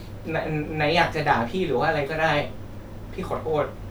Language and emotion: Thai, sad